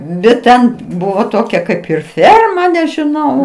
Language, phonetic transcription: Lithuanian, bet ˈten ˈbuvo ˈtokia ˈkaip ir ˈferma nežiˈnau

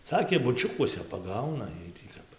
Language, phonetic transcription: Lithuanian, ˈsakė buˈčiukuose paˈgauna ˈjiej tį ˈkap

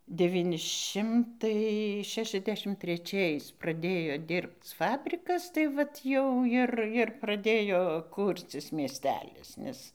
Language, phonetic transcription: Lithuanian, deˈvyni ˈšimtai ˈšešiasˌdešim treˈčiais praˈdėjo ˈdirbc ˈfabrikas tai ˈvat jau ˈjir ˈjir praˈdėjo ˈkūrcis miesˈtelis nes

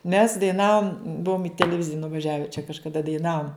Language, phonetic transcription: Lithuanian, mes daiˈnavum ˈbuvum i teleˈvizija nuvaˈžiave čia kažkaˈda daiˈnavum

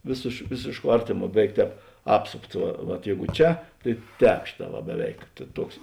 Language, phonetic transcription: Lithuanian, vėsėš ˈvėsėšˌkuo ˈartėˌmuo ˈbeˌveik ˈtēp ˈapsopts ˈva vat ˈjeigu ˈčia tai ˈtēp ˈšėˌtā va beˈveik ˈtuoks

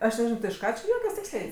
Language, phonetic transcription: Lithuanian, ˈaš neˈžinau ti iš ˈką či ˈjuokias ˈtiksliai

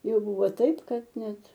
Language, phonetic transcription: Lithuanian, ˈjau ˈbūvo ˈtaip ˈkad ˈnet

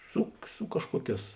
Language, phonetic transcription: Lithuanian, ˈsu ˈsu kažkuoˌkēs

